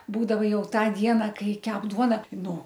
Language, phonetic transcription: Lithuanian, ˈbūdava ˈjau ˈtą ˈdiena ˈkai ˈkep ˈduona ˈtai ˈnū

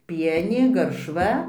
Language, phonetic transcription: Lithuanian, ˈpienė garšˈva

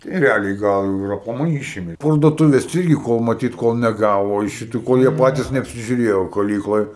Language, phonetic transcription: Lithuanian, tai reˈaliai ˈgal ir aplaˈmai ˈyšimė parduoˈtuvės ˈirgi ˈkol maˈtyt ˈkol neˈgavo iš šiˈtų ˈkol jie ˈpatys neapsiˈžiuˈrėjo kaˈlykloj

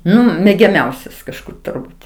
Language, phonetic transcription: Lithuanian, ˈnu megiaˈmiausias kažˈkur turˈbūt

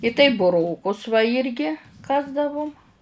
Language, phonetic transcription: Lithuanian, i taip buˈrokus va ˈirgi ˈkasdavum

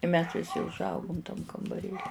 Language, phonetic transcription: Lithuanian, i mes viˈsi užˈaugum tam kambaˈrėli

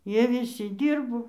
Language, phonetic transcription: Lithuanian, ˈjie viˈsi ˈdyrbo

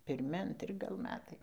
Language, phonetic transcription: Lithuanian, pirˈmi anˈtri gal ˈmetai

